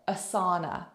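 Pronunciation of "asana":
'Asana' is pronounced incorrectly here.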